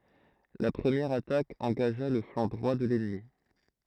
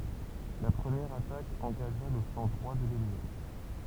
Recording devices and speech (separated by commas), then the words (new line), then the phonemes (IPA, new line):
throat microphone, temple vibration pickup, read sentence
La première attaque engagea le flanc droit de l’ennemi.
la pʁəmjɛʁ atak ɑ̃ɡaʒa lə flɑ̃ dʁwa də lɛnmi